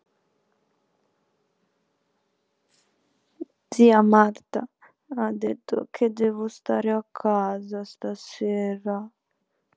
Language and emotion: Italian, sad